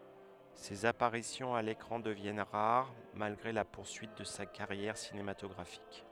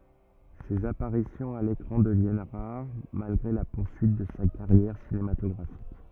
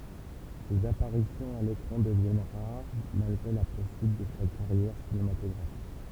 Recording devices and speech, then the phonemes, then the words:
headset microphone, rigid in-ear microphone, temple vibration pickup, read sentence
sez apaʁisjɔ̃z a lekʁɑ̃ dəvjɛn ʁaʁ malɡʁe la puʁsyit də sa kaʁjɛʁ sinematɔɡʁafik
Ses apparitions à l'écran deviennent rares, malgré la poursuite de sa carrière cinématographique.

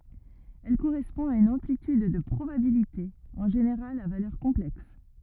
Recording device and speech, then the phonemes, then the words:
rigid in-ear microphone, read sentence
ɛl koʁɛspɔ̃ a yn ɑ̃plityd də pʁobabilite ɑ̃ ʒeneʁal a valœʁ kɔ̃plɛks
Elle correspond à une amplitude de probabilité, en général à valeur complexe.

